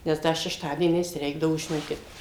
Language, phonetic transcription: Lithuanian, nes ˈda šešˈtadieniais ˈreikdavo žiˈnokit

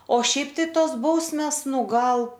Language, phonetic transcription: Lithuanian, o ˈšiaip tai ˈtos ˈbausmės ˈnu ˈgal

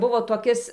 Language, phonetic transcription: Lithuanian, ˈbuvo toˈkis

